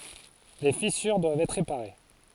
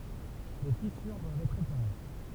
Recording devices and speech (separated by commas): forehead accelerometer, temple vibration pickup, read sentence